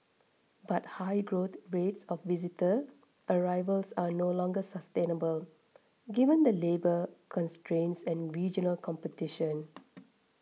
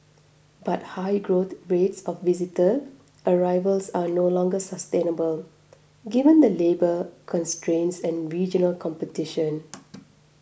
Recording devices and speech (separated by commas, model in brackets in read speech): mobile phone (iPhone 6), boundary microphone (BM630), read sentence